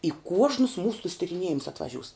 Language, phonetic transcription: Lithuanian, i ˈkuožnus ˈmūsu tus tiriˈniejimus atvaˈžiūs

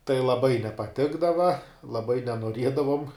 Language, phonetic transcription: Lithuanian, tai laˈbai nepaˈtikdava laˈbai nenuoˈriedavom

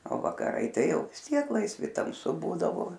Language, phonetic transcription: Lithuanian, o vakaˈrai ˈtai ˈjau vis ˈtiek laisˈvi tamˈsu ˈbūdavo

